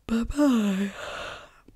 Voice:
sleepy voice